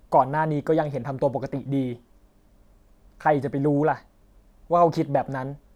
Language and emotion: Thai, frustrated